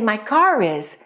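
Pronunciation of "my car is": In 'my car is', the final r of 'car' moves to the start of the next word, so 'is' sounds like 'riz'.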